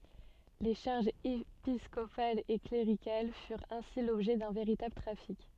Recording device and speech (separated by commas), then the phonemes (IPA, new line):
soft in-ear microphone, read sentence
le ʃaʁʒz episkopalz e kleʁikal fyʁt ɛ̃si lɔbʒɛ dœ̃ veʁitabl tʁafik